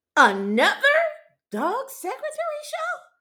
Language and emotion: English, surprised